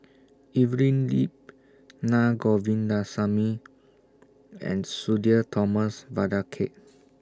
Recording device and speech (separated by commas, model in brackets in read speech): standing microphone (AKG C214), read sentence